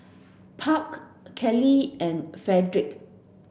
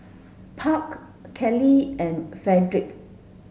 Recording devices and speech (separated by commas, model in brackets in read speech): boundary microphone (BM630), mobile phone (Samsung S8), read sentence